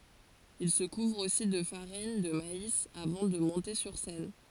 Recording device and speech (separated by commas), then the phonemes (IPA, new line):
forehead accelerometer, read sentence
il sə kuvʁ osi də faʁin də mais avɑ̃ də mɔ̃te syʁ sɛn